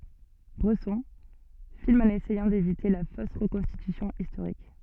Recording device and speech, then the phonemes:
soft in-ear microphone, read sentence
bʁɛsɔ̃ film ɑ̃n esɛjɑ̃ devite la fos ʁəkɔ̃stitysjɔ̃ istoʁik

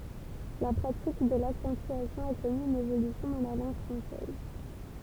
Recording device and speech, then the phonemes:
temple vibration pickup, read sentence
la pʁatik də laksɑ̃tyasjɔ̃ a kɔny yn evolysjɔ̃ dɑ̃ la lɑ̃ɡ fʁɑ̃sɛz

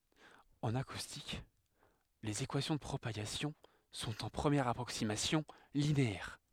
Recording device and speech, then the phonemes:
headset microphone, read sentence
ɑ̃n akustik lez ekwasjɔ̃ də pʁopaɡasjɔ̃ sɔ̃t ɑ̃ pʁəmjɛʁ apʁoksimasjɔ̃ lineɛʁ

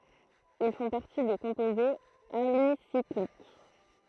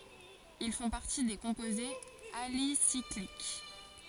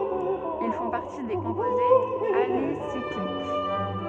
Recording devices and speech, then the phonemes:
throat microphone, forehead accelerometer, soft in-ear microphone, read sentence
il fɔ̃ paʁti de kɔ̃pozez alisiklik

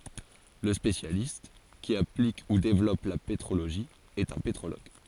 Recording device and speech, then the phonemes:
forehead accelerometer, read sentence
lə spesjalist ki aplik u devlɔp la petʁoloʒi ɛt œ̃ petʁoloɡ

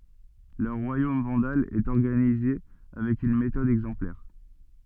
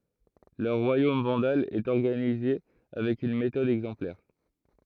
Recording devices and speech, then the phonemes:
soft in-ear microphone, throat microphone, read sentence
lœʁ ʁwajom vɑ̃dal ɛt ɔʁɡanize avɛk yn metɔd ɛɡzɑ̃plɛʁ

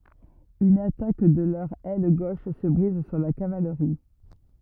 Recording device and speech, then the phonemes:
rigid in-ear microphone, read sentence
yn atak də lœʁ ɛl ɡoʃ sə bʁiz syʁ la kavalʁi

